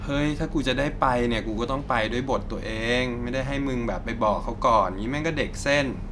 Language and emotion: Thai, frustrated